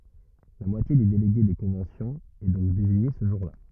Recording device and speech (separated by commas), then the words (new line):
rigid in-ear microphone, read sentence
La moitié des délégués des conventions est donc désignée ce jour-là.